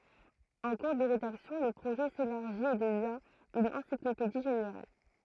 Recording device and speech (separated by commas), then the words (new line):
throat microphone, read sentence
En cours de rédaction, le projet s'élargit et devient une encyclopédie générale.